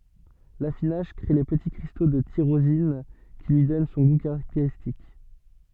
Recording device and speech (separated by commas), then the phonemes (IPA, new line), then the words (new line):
soft in-ear microphone, read sentence
lafinaʒ kʁe le pəti kʁisto də tiʁozin ki lyi dɔn sɔ̃ ɡu kaʁakteʁistik
L'affinage crée les petits cristaux de tyrosine qui lui donnent son goût caractéristique.